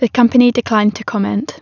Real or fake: real